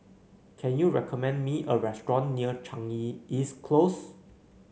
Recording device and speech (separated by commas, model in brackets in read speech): mobile phone (Samsung C9), read sentence